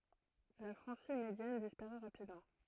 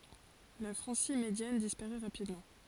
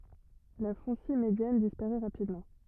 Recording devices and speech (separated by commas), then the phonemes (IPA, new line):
throat microphone, forehead accelerometer, rigid in-ear microphone, read sentence
la fʁɑ̃si medjan dispaʁɛ ʁapidmɑ̃